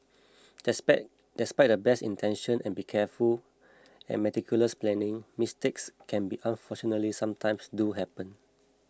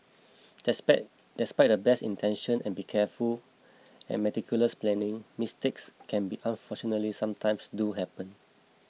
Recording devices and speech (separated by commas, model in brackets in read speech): close-talking microphone (WH20), mobile phone (iPhone 6), read sentence